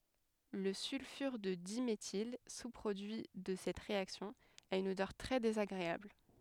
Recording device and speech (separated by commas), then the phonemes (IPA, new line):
headset microphone, read sentence
lə sylfyʁ də dimetil su pʁodyi də sɛt ʁeaksjɔ̃ a yn odœʁ tʁɛ dezaɡʁeabl